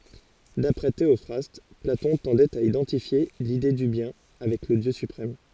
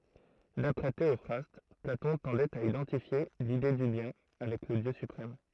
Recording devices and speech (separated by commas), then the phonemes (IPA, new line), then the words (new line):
forehead accelerometer, throat microphone, read sentence
dapʁɛ teɔfʁast platɔ̃ tɑ̃dɛt a idɑ̃tifje lide dy bjɛ̃ avɛk lə djø sypʁɛm
D’après Théophraste, Platon tendait à identifier l’Idée du Bien avec le Dieu suprême.